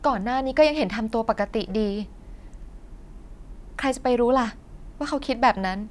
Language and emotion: Thai, neutral